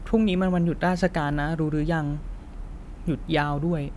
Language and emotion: Thai, sad